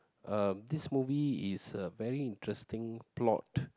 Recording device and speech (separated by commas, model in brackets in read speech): close-talking microphone, conversation in the same room